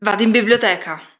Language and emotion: Italian, angry